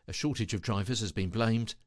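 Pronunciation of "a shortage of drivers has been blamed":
The word 'blamed' is slightly lifted.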